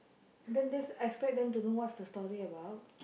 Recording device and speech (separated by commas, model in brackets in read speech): boundary microphone, conversation in the same room